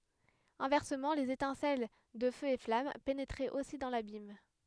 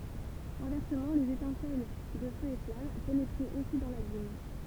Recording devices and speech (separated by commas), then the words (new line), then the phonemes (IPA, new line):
headset microphone, temple vibration pickup, read sentence
Inversement les étincelles de feux et flammes pénétraient aussi dans l'abîme.
ɛ̃vɛʁsəmɑ̃ lez etɛ̃sɛl də føz e flam penetʁɛt osi dɑ̃ labim